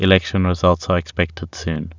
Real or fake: real